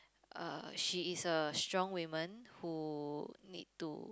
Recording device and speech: close-talking microphone, conversation in the same room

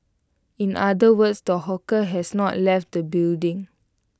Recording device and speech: close-talking microphone (WH20), read sentence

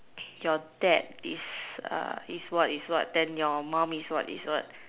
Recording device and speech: telephone, conversation in separate rooms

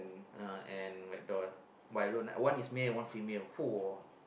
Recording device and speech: boundary microphone, conversation in the same room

